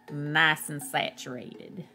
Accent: Southern accent